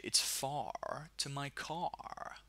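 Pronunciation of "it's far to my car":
This is in an American accent. Every r sound is pronounced, with a big er sound in 'far' and 'car'.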